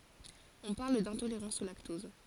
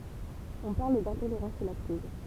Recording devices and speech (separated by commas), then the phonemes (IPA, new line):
forehead accelerometer, temple vibration pickup, read sentence
ɔ̃ paʁl dɛ̃toleʁɑ̃s o laktɔz